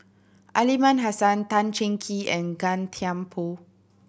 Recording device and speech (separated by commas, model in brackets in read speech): boundary microphone (BM630), read sentence